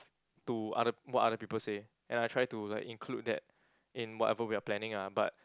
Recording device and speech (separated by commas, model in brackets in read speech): close-talking microphone, conversation in the same room